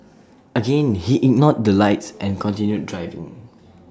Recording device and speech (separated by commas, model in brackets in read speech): standing microphone (AKG C214), read sentence